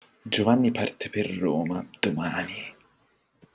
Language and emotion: Italian, surprised